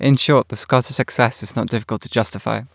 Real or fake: real